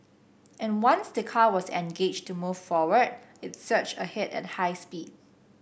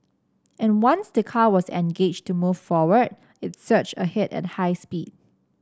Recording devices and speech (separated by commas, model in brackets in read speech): boundary microphone (BM630), standing microphone (AKG C214), read sentence